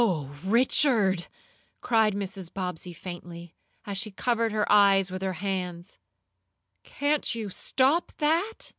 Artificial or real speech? real